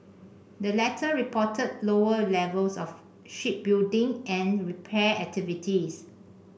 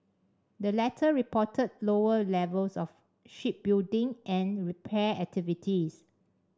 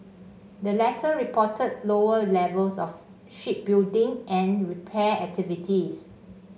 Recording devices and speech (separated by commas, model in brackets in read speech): boundary microphone (BM630), standing microphone (AKG C214), mobile phone (Samsung C5), read sentence